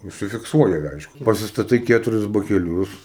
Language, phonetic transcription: Lithuanian, užsifikˈsuoji ˈaišku pasistaˈtai ˈketuris bakeˈliūs

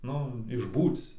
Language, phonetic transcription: Lithuanian, ˈnu išˈbūc

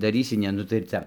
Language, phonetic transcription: Lithuanian, daˈrysi ˈne nu tai ir ˈcia

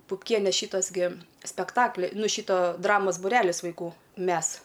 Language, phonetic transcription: Lithuanian, pupˈkienė ˈšytos gi spekˈtakli ˈnu ˈšyto ˈdramos buˈrelis vaiˈkų ˈmes

